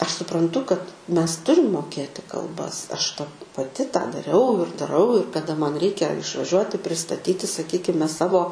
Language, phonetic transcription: Lithuanian, ˈaš supranˈtu kad ˈmes ˈturim moˈkėti kalˈbas ˈaš pa paˈti tą daˈriau ir daˈrau ir kaˈda ˈman ˈreikia išvaˈžiuoti pristaˈtyti sakˈykime ˈsavo

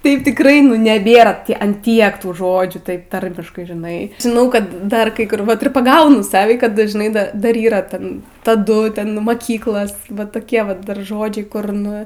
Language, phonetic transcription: Lithuanian, ˈtaip tikˈrai nu neˈbėra an ˈtiek ˈtų ˈžodžių ˈtaip ˈtarmiškai žiˈnai žiˈnau ˈkad dar ˈkai ˈkur ir paˈgaunu ˈsavį kad dažˈnai ˈdar ˈdar yˈra ˈten taˈdu ˈten maˈkyklas ˈvat toˈkie ˈvat dar ˈžodžiai kur ˈnu

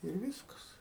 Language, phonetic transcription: Lithuanian, ir ˈvyskas

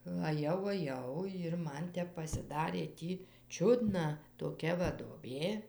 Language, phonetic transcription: Lithuanian, aˈjau aˈjau jir ˈman ˈtep pasiˈdarė ˈtį ˈčiudna toˈkia va duoˈbė

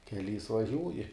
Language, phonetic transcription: Lithuanian, keˈlys vaˈžiūji

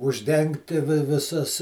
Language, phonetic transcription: Lithuanian, užˈdengti viˈsas

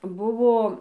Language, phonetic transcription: Lithuanian, ˈbuvo

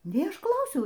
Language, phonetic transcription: Lithuanian, nei ˈaš ˈklausiau

